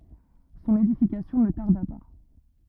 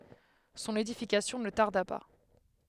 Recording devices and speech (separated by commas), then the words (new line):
rigid in-ear microphone, headset microphone, read sentence
Son édification ne tarda pas.